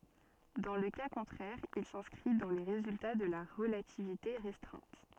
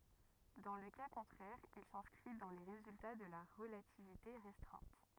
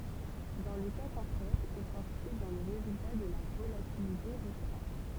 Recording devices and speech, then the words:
soft in-ear microphone, rigid in-ear microphone, temple vibration pickup, read sentence
Dans le cas contraire il s'inscrit dans les résultats de la relativité restreinte.

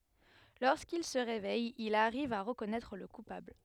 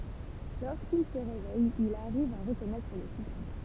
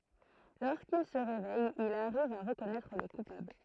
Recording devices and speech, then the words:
headset microphone, temple vibration pickup, throat microphone, read sentence
Lorsqu'il se réveille, il arrive à reconnaître le coupable.

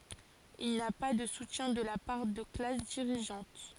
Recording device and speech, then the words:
forehead accelerometer, read sentence
Il n'a pas de soutien de la part de classes dirigeantes.

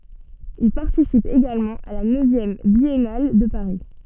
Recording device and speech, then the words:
soft in-ear microphone, read sentence
Il participe également à la neuvième Biennale de Paris.

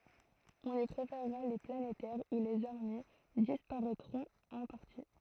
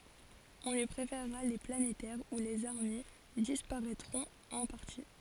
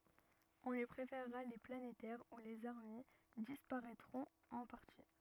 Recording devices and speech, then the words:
throat microphone, forehead accelerometer, rigid in-ear microphone, read sentence
On lui préfèrera les planétaires où les armilles disparaitront en partie.

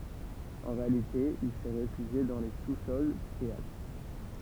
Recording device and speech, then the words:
temple vibration pickup, read sentence
En réalité, il s'est réfugié dans les sous-sols du théâtre.

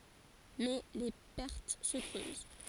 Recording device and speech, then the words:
forehead accelerometer, read sentence
Mais les pertes se creusent.

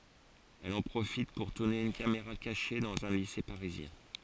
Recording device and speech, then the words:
forehead accelerometer, read sentence
Elle en profite pour tourner une caméra cachée dans un lycée parisien.

